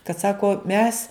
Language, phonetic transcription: Lithuanian, kad ˈsako mes

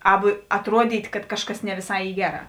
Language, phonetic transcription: Lithuanian, ˈabu atˈruodyt' kad ˈkažˌkas ne viˈsai ˈy ˈgeˌrā

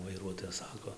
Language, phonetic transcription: Lithuanian, vaiˈruotojas ˈsako

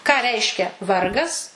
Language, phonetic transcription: Lithuanian, ką ˈreiškia ˈvargas

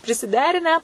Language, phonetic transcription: Lithuanian, prisiˈderinę

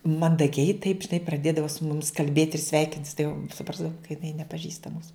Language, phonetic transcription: Lithuanian, mandaˈgiai taip žiˈnai praˈdėdava su ˈmumis kalˈbėt' ir ˈsveikintis tai jau suˈprasdavum ka jiˈnai nepaˈžįsta ˈmūsu

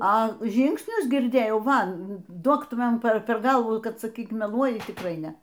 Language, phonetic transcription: Lithuanian, a ˈžyngsnius girˈdėjau ˈva ˈdok ˈtu ˈman ˈper ˈper ˈgalvų ˈkad saˈkyk meˈluoji tikˈrai ˈne

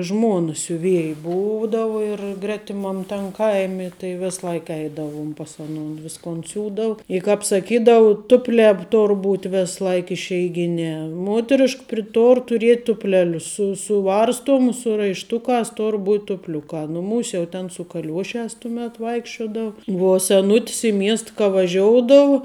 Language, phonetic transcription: Lithuanian, ˈžmuona siuˈvieji ˈbūdavu ir ˈgretimam tam ˈkaimi tai ˈves ˈlaik ˈeidavum pas aˈnon ˈviskon ˈsiūdau i ˈkāp saˈkydau ˈtuplē ˈtor ˈbūt' ˈves ˈlaik išeiˈginē ˈmuoterišk pri ˈtor tuˈriet' ˈtupˌlelius su suˈvarstuomus su raišˈtukās ˈtor būt' tupˈliuka ˈnuˌmūs' jau ten su kaˈliuoˌšes tuˈmet ˈvaikščiodau vuo seˈnut's i ˈmiest ka vaˈžioudau

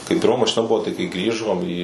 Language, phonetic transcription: Lithuanian, kai pirˈma mašiˈna ˈbuvo tai kai ˈgrįžom į

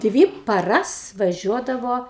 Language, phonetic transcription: Lithuanian, ˈdvy paˈras vaˈžiuodavo

